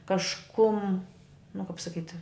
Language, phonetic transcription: Lithuanian, kažˈkum nu kap saˈkyt'

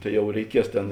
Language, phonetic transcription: Lithuanian, ˈtai ˈjau reiˈkies ˈtėn

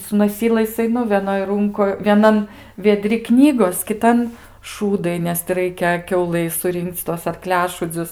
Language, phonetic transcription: Lithuanian, su noˈsylais aiˈnu veˈnoj ˈrunkoj vieˈnan vieˈdri ˈknygos kiˈtan ˈšūdai nes ti ˈraikia ˈkiaulai suˈrinkc tuos arˈkliašūdzius

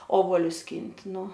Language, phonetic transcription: Lithuanian, ˈobolius ˈskynt' ˈnu

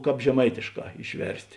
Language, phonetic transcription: Lithuanian, ˈkāp žeˈmaitėšˌkā išˈverst'

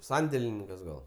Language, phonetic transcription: Lithuanian, ˈsandėlininkas ˈgal

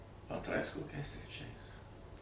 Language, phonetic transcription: Lithuanian, antˈrais koˈkiais treˈčiais

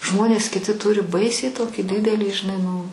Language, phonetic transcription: Lithuanian, ˈžmonės kiˈti ˈturi ˈbaisiai ˈtokį ˈdidelį žiˈnai nu

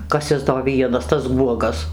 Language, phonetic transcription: Lithuanian, ˈkas ˈis do ˈvienas tas ˈguogas

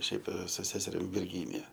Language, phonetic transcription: Lithuanian, ˈšiaip su ˈseserim virˈgynija

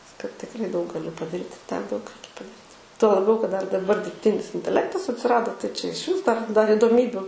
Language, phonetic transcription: Lithuanian, kad tikˈrai daug gaˈli padaˈryt i ten daug ˈreikia padaˈryt ˈtuo laˈbiau kad ˈdar daˈbar dirbˈtinis inteˈlektas atsiˈrado tai čia išˈvis dar dar idoˈmybiu

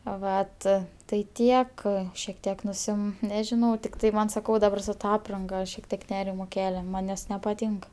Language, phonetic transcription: Lithuanian, ˈvat tai ˈtiek šiek ˈtiek nuˈsim nežiˈnau tikˈtai ˈman saˈkau daˈbar su ˈta ˈapranga šiek ˈtiek ˈnerimo ˈkelia man' nes nepaˈtynk

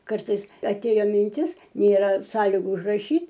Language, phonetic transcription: Lithuanian, ˈkartais aˈtėjo minˈtis nėˈra ˈsąligu užraˈšyt'

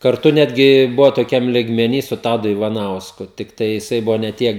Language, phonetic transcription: Lithuanian, karˈtu ˈnetgi ˈbuvo toˈkiam ligmeˈny su ˈtadu ivaˈnausku tikˈtai jiˈsai ˈbuvo ne ˈtiek

